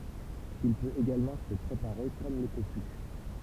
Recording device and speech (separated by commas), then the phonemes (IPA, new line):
temple vibration pickup, read sentence
il pøt eɡalmɑ̃ sə pʁepaʁe kɔm lə tofy